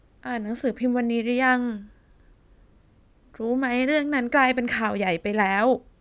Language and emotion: Thai, sad